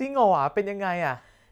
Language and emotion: Thai, happy